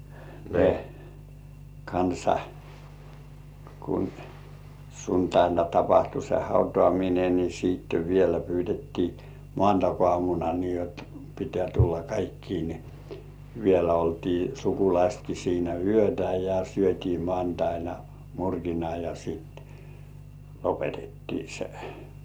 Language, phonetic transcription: Finnish, ne , kansa , kun , 'suntaina tapahtu se "hautŏàmine ni siitte vielä 'pyytettii "mŏàntak₍ŏàmuna nii jot , pit̀ĕä̀ 'tulla "kaikkiin ni , vielä oltii 'sukulaistki siinä "yötä ja 'syöt́ii 'mŏàntaina "murkina ja sit , lopetettii sᴇ .
- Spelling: ne kanssa kun sunnuntaina tapahtui se hautaaminen niin sitten vielä pyydettiin maanantaiaamuna niin jotta pitää tulla kaikkien niin vielä oltiin sukulaisetkin siinä yötä ja syötiin maanantaina murkina ja sitten lopetettiin se

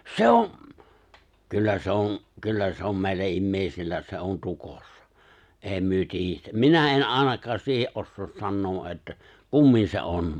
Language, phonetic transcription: Finnish, 'se on̬ , 'kyllä se 'on̬ , 'kyllä se om 'mèill(ä) 'immèisillä 'se on 'tukossa , '’èi 'myö "tiijjetä , "minä '’en '’àenak̀aas siihe’ '’ossoos 'sannoo’ ’että , "kummin se '’on .
- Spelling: se on kyllä se on kyllä se on meillä ihmisillä se on tukossa ei me tiedetä minä en ainakaan siihen osaa sanoa että kummin se on

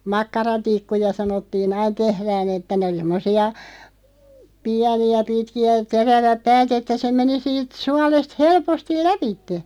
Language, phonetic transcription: Finnish, makkara'tikkuja sanottii"n ‿ain tehrään ‿että 'nᵉ oli semmosi₍a , 'piäni₍ä 'pitki₍ä (ja) 'teräväᵖ "päät ‿että se 'meni siit , 'sualest 'helpostil "läpitte .
- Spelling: makkaratikkuja sanottiin aina tehdään että ne oli semmoisia pieniä pitkiä ja terävät päät että se meni siitä suolesta helposti lävitse

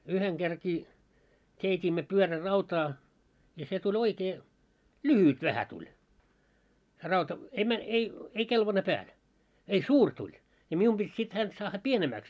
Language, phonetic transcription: Finnish, 'yheŋ ɢerkii , 'keit́iimmö 'pyörä'rautaa , ja se tu'ĺ ‿oikee , "lyhyt 'vähä tuĺ , se 'rauta , ei 'mä- , ei , 'ei 'kelvane 'pääl , ei "suur tuĺ , ja 'mium ʙit sit 'hänt saahha "pienemääks .
- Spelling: yhden kerrankin keitimme pyörärautaa ja se tuli oikein lyhyt vähän tuli se rauta ei - ei ei kelvannut päälle ei suuri tuli ja minun piti sitten häntä saada pienemmäksi

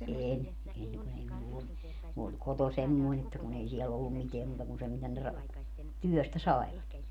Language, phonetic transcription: Finnish, 'een , 'en kun ‿ei 'mull ‿ollu , mu oĺ 'koto 'semmoin ‿että kun ‿ei 'siɛl ‿ollum 'miteä muuta kun se mitä ne ra- , "tyɔ̈̀stä "saevat .
- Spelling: en en kun ei minulla ollut minun oli koto semmoinen että kun ei siellä ollut mitään muuta kuin se mitä ne - työstä saivat

